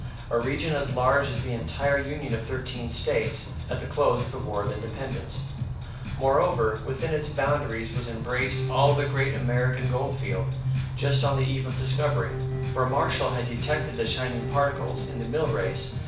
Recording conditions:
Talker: one person; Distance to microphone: 5.8 m; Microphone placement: far; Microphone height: 1.8 m; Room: medium-sized (5.7 m by 4.0 m); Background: music

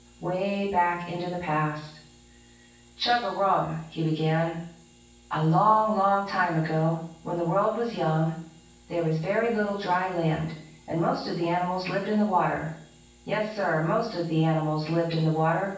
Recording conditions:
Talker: one person; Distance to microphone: 9.8 m; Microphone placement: far; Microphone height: 1.8 m; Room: large; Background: none

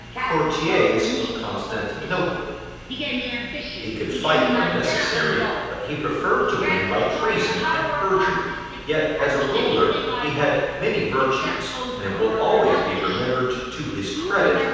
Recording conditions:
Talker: one person; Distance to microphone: 7.1 m; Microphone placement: far; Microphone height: 1.7 m; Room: very reverberant, large; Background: television

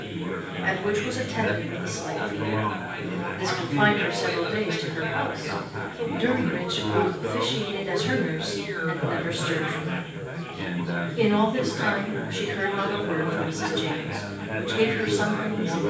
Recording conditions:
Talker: one person; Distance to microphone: 9.8 m; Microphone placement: far; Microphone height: 1.8 m; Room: large; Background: babble

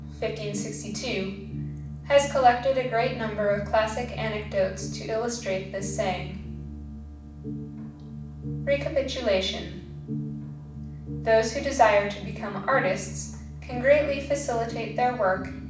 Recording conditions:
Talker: one person; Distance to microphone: 5.8 m; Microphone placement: far; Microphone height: 1.8 m; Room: medium-sized (5.7 m by 4.0 m); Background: music

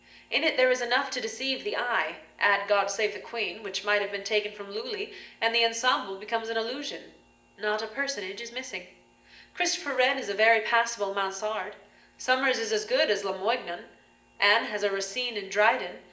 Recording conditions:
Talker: one person; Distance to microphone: 1.8 m; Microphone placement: close; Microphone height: 1.0 m; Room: large; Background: none

